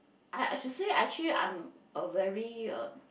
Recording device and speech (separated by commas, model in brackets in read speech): boundary microphone, conversation in the same room